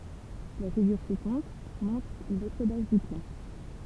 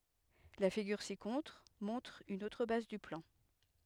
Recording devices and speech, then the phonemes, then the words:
temple vibration pickup, headset microphone, read sentence
la fiɡyʁ sikɔ̃tʁ mɔ̃tʁ yn otʁ baz dy plɑ̃
La figure ci-contre montre une autre base du plan.

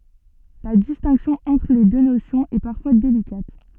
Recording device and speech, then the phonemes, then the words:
soft in-ear microphone, read sentence
la distɛ̃ksjɔ̃ ɑ̃tʁ le dø nosjɔ̃z ɛ paʁfwa delikat
La distinction entre les deux notions est parfois délicate.

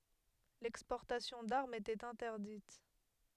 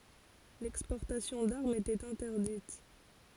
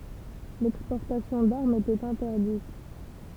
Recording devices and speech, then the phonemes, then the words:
headset microphone, forehead accelerometer, temple vibration pickup, read sentence
lɛkspɔʁtasjɔ̃ daʁmz etɛt ɛ̃tɛʁdit
L'exportation d'armes était interdite.

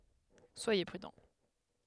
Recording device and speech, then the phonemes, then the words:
headset microphone, read sentence
swaje pʁydɑ̃
Soyez prudents.

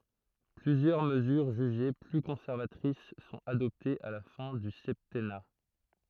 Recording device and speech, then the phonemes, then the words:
throat microphone, read sentence
plyzjœʁ məzyʁ ʒyʒe ply kɔ̃sɛʁvatʁis sɔ̃t adɔptez a la fɛ̃ dy sɛptɛna
Plusieurs mesures jugées plus conservatrices sont adoptées à la fin du septennat.

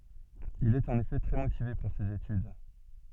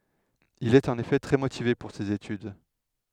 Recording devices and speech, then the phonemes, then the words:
soft in-ear microphone, headset microphone, read sentence
il ɛt ɑ̃n efɛ tʁɛ motive puʁ sez etyd
Il est en effet très motivé pour ces études.

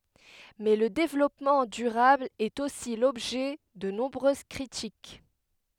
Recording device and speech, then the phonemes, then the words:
headset microphone, read sentence
mɛ lə devlɔpmɑ̃ dyʁabl ɛt osi lɔbʒɛ də nɔ̃bʁøz kʁitik
Mais le développement durable est aussi l'objet de nombreuses critiques.

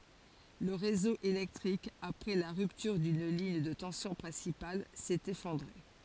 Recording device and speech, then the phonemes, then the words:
forehead accelerometer, read sentence
lə ʁezo elɛktʁik apʁɛ la ʁyptyʁ dyn liɲ də tɑ̃sjɔ̃ pʁɛ̃sipal sɛt efɔ̃dʁe
Le réseau électrique, après la rupture d'une ligne de tension principale, s'est effondré.

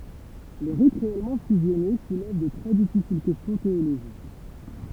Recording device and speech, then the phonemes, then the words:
temple vibration pickup, read sentence
le ʁit ʁeɛlmɑ̃ fyzjɔne sulɛv də tʁɛ difisil kɛstjɔ̃ teoloʒik
Les rites réellement fusionnés soulèvent de très difficiles questions théologiques.

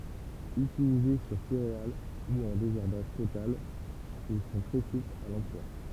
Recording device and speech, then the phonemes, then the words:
temple vibration pickup, read sentence
ytilize syʁ seʁeal u ɑ̃ dezɛʁbaʒ total il sɔ̃ tʁɛ suplz a lɑ̃plwa
Utilisés sur céréales ou en désherbage total, ils sont très souples à l'emploi.

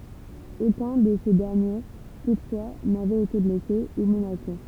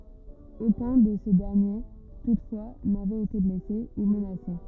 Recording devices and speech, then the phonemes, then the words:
temple vibration pickup, rigid in-ear microphone, read sentence
okœ̃ də se dɛʁnje tutfwa navɛt ete blɛse u mənase
Aucun de ces derniers toutefois n'avait été blessé ou menacé.

